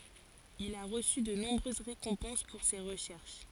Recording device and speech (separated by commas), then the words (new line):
forehead accelerometer, read sentence
Il a reçu de nombreuses récompenses pour ses recherches.